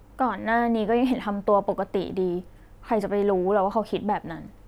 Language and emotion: Thai, frustrated